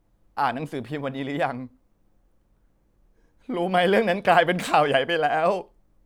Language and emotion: Thai, sad